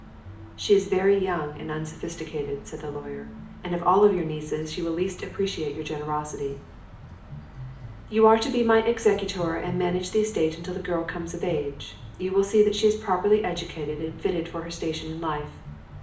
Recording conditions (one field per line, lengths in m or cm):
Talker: one person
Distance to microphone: 2.0 m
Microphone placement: close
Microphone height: 99 cm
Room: medium-sized (5.7 m by 4.0 m)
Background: music